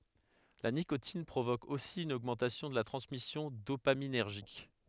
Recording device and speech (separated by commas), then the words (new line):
headset microphone, read sentence
La nicotine provoque aussi une augmentation de la transmission dopaminergique.